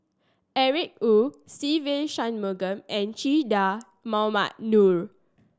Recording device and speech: standing microphone (AKG C214), read sentence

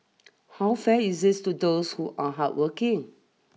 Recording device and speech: mobile phone (iPhone 6), read sentence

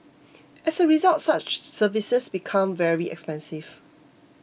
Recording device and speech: boundary microphone (BM630), read sentence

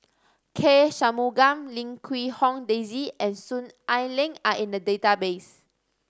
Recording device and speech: standing microphone (AKG C214), read sentence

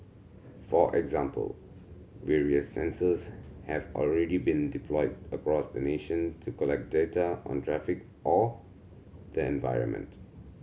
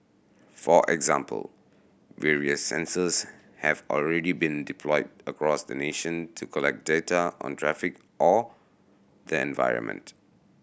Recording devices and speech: mobile phone (Samsung C7100), boundary microphone (BM630), read sentence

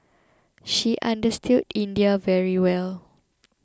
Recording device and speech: close-talking microphone (WH20), read sentence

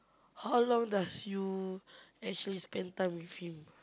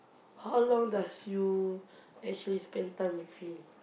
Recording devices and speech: close-talking microphone, boundary microphone, conversation in the same room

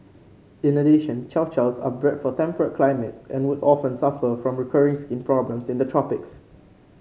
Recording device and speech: mobile phone (Samsung C5), read sentence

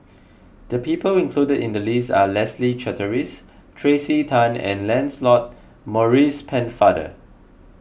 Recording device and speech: boundary microphone (BM630), read sentence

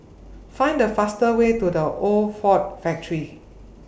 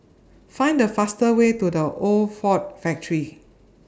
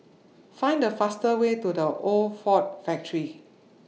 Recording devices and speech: boundary microphone (BM630), standing microphone (AKG C214), mobile phone (iPhone 6), read sentence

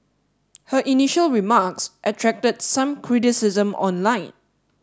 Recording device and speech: standing microphone (AKG C214), read sentence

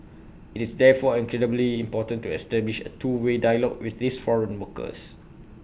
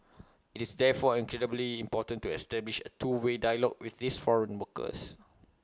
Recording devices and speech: boundary microphone (BM630), close-talking microphone (WH20), read sentence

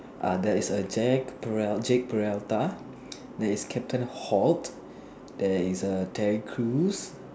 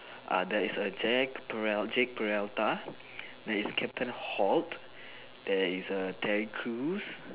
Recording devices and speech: standing microphone, telephone, conversation in separate rooms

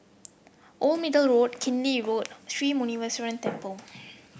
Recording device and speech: boundary microphone (BM630), read sentence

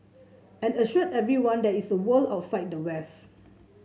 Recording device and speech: mobile phone (Samsung C7), read sentence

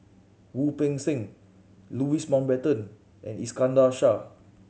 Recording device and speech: mobile phone (Samsung C7100), read sentence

